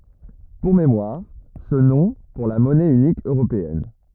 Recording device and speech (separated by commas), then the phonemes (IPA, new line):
rigid in-ear microphone, read sentence
puʁ memwaʁ sə nɔ̃ puʁ la mɔnɛ ynik øʁopeɛn